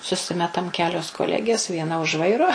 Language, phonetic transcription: Lithuanian, suˈsimetam ˈkelios koˈlegės vieˈna už ˈvairo

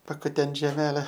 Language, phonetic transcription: Lithuanian, pakuˈtent žeˈmele

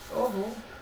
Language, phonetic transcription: Lithuanian, oˈho

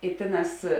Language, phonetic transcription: Lithuanian, i ˈtėˌnās

